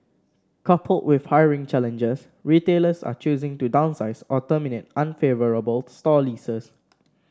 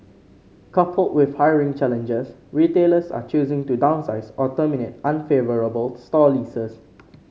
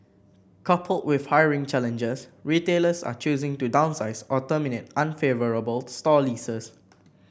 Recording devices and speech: standing microphone (AKG C214), mobile phone (Samsung C5), boundary microphone (BM630), read sentence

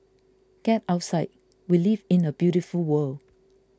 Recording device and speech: close-talking microphone (WH20), read sentence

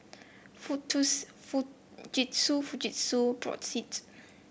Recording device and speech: boundary microphone (BM630), read sentence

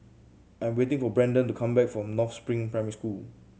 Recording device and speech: mobile phone (Samsung C7100), read sentence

